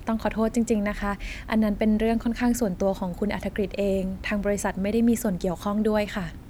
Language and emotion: Thai, neutral